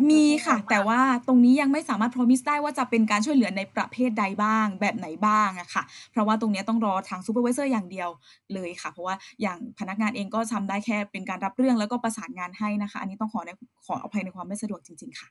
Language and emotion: Thai, frustrated